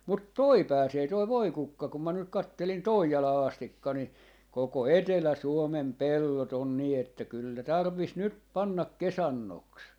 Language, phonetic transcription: Finnish, mut "toi 'pääsee toi "voikukka kum ma nyk 'kattelin "Toijalaa 'astikka ni , 'koko "Etelä'suomem "pellot ‿on nii että 'kyl ne 'tarv̆vis 'nyt 'pannak "kesannoks .
- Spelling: mutta tuo pääsee tuo voikukka kun minä nyt katselin Toijalaan asti niin koko Etelä-Suomen pellot on niin että kyllä ne tarvitsisi nyt panna kesannoksi

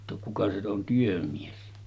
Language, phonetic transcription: Finnish, jotta 'kuka se on 'työmies .
- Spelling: jotta kuka se on työmies

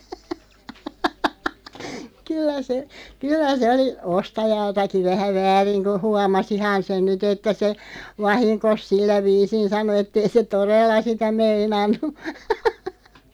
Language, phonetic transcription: Finnish, 'kyl̆lä se , 'kyl̆lä se oli , 'ostajaltaki 'vähä "vääriŋ ku "huamasihan̬ 'se(n) "nyt ‿että se , "vahiŋkos 'sillä 'viisin 'sano ettei se "torella 'sitä 'meinannu .
- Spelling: kyllä se kyllä se oli ostajaltakin vähän väärin kun huomasihan sen nyt että se vahingossa sillä viisiin sanoi että ei se todella sitä meinannut

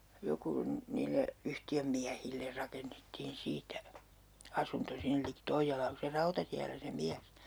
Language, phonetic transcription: Finnish, 'joku , 'niille , "yhti₍ömmiähiller 'rakennettiin 'siitä , "asunto 'sinnᵉl liki 'Toijjalaa ku se "rautatiällä se 'miäs .
- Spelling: joku niille yhtiönmiehille rakennettiin siitä asunto sinne liki Toijalaa kun se rautatiellä se mies

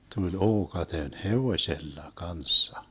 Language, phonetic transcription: Finnish, 'tuĺ 'ookaten "hevoⁱsella 'kanssa .
- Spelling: tuli ookaten hevosella kanssa

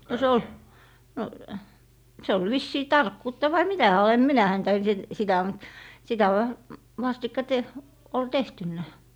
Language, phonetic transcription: Finnish, no 'se ol , no , 'se ol 'vissii "tarkkuutta vai "mitä hää ol , em 'minä häntä en si- , 'sitä mut , sitä v- , vastikka te- , ol 'tehtynnä .
- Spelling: no se oli no se oli vissiin tarkkuutta vai mitä hän oli en minä häntä en - sitä mutta sitä - vastikka - oli tehty

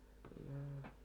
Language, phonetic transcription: Finnish, noo .
- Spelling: no

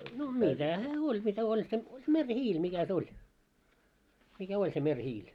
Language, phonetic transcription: Finnish, no 'mitä hää 'oĺ mitä oĺ se , 'meŕ'hiil mikä se 'oĺ , mikä 'oĺ se 'meŕhiil .
- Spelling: no mitä hän oli mitä oli se merihiili mikä se oli mikä oli se merihiili

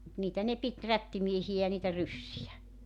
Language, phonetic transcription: Finnish, mut niitä ne 'pit , 'rättimiehiʲä ja niitä 'ryssijä .
- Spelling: mutta niitä ne piti rättimiehiä ja niitä ryssiä

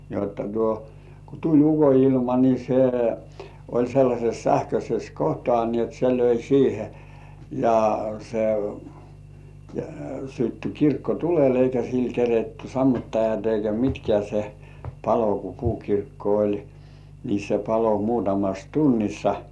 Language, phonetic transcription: Finnish, jotta tuo , ku 'tuĺ "uko₍ilma ni se , oĺ sellaśes 'sähköśes "kohtŏà ni ‿ot se löi siihe , ja se , sytty 'kirkko ''tulel eikä sil 'keretty "sammuttajat eikä "mitkĕä̀ se , 'palo ku "puukirkko oĺ , ni se palo 'muutamas "tunnissa .
- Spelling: jotta tuo kun tuli ukonilma niin se oli sellaisessa sähköisessä kohtaa niin jotta se löi siihen ja se syttyi kirkko tuleen eikä sillä keritty sammuttajat eikä mitkään se paloi kun puukirkko oli niin se paloi muutamassa tunnissa

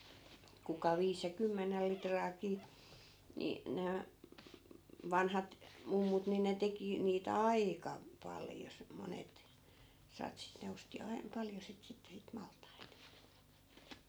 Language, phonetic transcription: Finnish, kuka 'viis ja 'kymmenel 'litraakii , ni , 'nää , 'vanhat , 'mummut ni ne 'teki , niit "aika , 'paljo s- , 'monet , 'satsit ne osti 'ai(n) , 'paljo sit 'sitte sit 'malt̀ait .
- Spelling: kuka viisi ja kymmenen litraakin niin nämä vanhat mummut niin ne teki niitä aika paljon - monet satsit ne osti aina paljon sitä sitten sitä maltaita

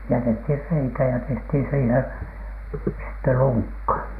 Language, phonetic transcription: Finnish, jätethir 'reikä ja tehthìn siihen , sitte "luŋkka .
- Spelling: jätettiin reikä ja tehtiin siihen sitten lunkka

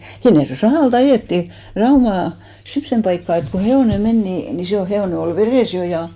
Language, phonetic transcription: Finnish, 'Hinnerjo₍è "sahàl't ‿ajèttì , 'Raumà , "semssem paikkà et ko 'he₍òne 'men ni , ni se ol 'he₍òne ol "verès 'jo ja ,.
- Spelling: Hinnerjoen sahalta ajettiin Raumaan semmoiseen paikkaan että kun hevonen meni niin niin se oli hevonen oli vedessä' jo ja

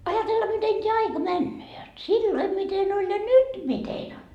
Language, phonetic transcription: Finnish, 'ajatella miten t́eä 'aika "männöö jot "silloi miten oĺ ja "nyt mitein ‿on .
- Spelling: ajatella miten tämä aika menee jotta silloin miten oli ja nyt miten on

